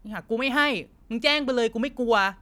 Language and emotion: Thai, angry